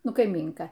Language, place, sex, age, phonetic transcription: Lithuanian, Aukštaitija, female, 60+, ˈnu kaiˈmynka

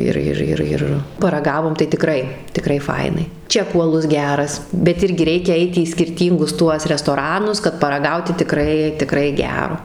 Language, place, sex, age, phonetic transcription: Lithuanian, Suvalkija, female, 18-60, ˈir ˈir ˈir ir paraˈgavom tai tiˈkrai tiˈkrai ˈfainai ˈčekų aˈlus ˈgeras bet ˈirgi ˈreikia ˈait į skirˈtyngus ˈtuos restoˈranus kad paraˈgauti tiˈkrai tiˈkrai ˈgero

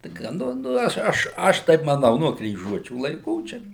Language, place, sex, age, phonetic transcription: Lithuanian, Suvalkija, male, 60+, ˈtai ka ˈnu nu ˈaš ˈaš ˈaš ˈtaip maˈnau nuo kryˈžuočių laiˈkų ˈčia

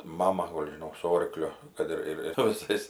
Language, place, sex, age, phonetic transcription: Lithuanian, Aukštaitija, female, 60+, ˈmama ˈgol' žiˈnok su ˈorkliu ˈkad ir ir su viˈsais

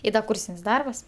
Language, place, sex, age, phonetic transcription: Lithuanian, Aukštaitija, female, 18-60, i ˈda ˈkūrsin's' ˈdarbas

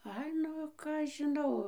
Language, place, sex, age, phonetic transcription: Lithuanian, Dzūkija, female, 60+, ˈai ˈnu ˈką aš žiˈnau

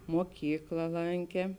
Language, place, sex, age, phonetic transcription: Lithuanian, Žemaitija, female, 18-60, moˈkykla ˈlankė

